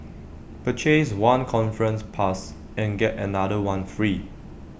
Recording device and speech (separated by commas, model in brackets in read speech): boundary microphone (BM630), read sentence